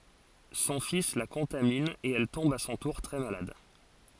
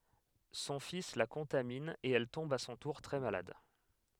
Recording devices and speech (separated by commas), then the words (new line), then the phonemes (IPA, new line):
forehead accelerometer, headset microphone, read sentence
Son fils la contamine et elle tombe à son tour très malade.
sɔ̃ fis la kɔ̃tamin e ɛl tɔ̃b a sɔ̃ tuʁ tʁɛ malad